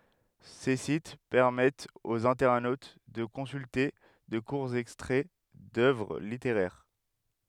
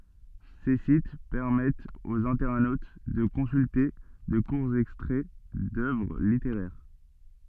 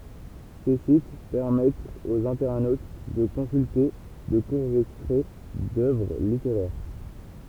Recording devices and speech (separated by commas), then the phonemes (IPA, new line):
headset microphone, soft in-ear microphone, temple vibration pickup, read sentence
se sit pɛʁmɛtt oz ɛ̃tɛʁnot də kɔ̃sylte də kuʁz ɛkstʁɛ dœvʁ liteʁɛʁ